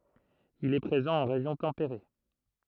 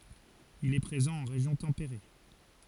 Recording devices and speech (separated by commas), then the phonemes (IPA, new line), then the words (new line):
throat microphone, forehead accelerometer, read sentence
il ɛ pʁezɑ̃ ɑ̃ ʁeʒjɔ̃ tɑ̃peʁe
Il est présent en région tempérée.